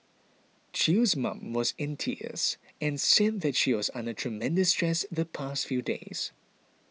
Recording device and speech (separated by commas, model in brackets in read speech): mobile phone (iPhone 6), read sentence